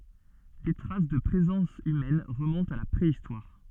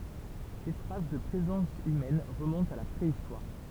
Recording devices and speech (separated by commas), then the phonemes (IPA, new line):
soft in-ear microphone, temple vibration pickup, read sentence
de tʁas də pʁezɑ̃s ymɛn ʁəmɔ̃tt a la pʁeistwaʁ